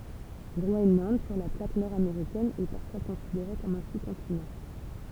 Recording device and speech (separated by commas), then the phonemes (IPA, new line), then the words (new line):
temple vibration pickup, read sentence
ɡʁoɛnlɑ̃d syʁ la plak nɔʁ ameʁikɛn ɛ paʁfwa kɔ̃sideʁe kɔm œ̃ su kɔ̃tinɑ̃
Groenland, sur la plaque nord-américaine, est parfois considéré comme un sous-continent.